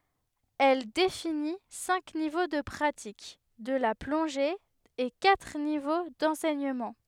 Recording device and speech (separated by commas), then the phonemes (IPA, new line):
headset microphone, read sentence
ɛl defini sɛ̃k nivo də pʁatik də la plɔ̃ʒe e katʁ nivo dɑ̃sɛɲəmɑ̃